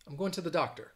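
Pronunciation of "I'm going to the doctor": In 'to', the vowel is reduced to a schwa.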